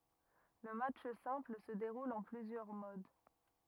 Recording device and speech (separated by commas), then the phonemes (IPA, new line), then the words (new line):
rigid in-ear microphone, read sentence
lə matʃ sɛ̃pl sə deʁul ɑ̃ plyzjœʁ mod
Le match simple se déroule en plusieurs modes.